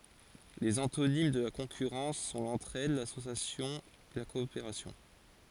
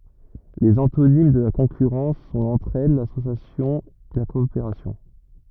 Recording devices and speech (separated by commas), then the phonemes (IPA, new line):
forehead accelerometer, rigid in-ear microphone, read sentence
lez ɑ̃tonim də la kɔ̃kyʁɑ̃s sɔ̃ lɑ̃tʁɛd lasosjasjɔ̃ la kɔopeʁasjɔ̃